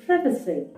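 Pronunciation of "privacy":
'Privacy' is pronounced correctly here, the way it is said in standard British English.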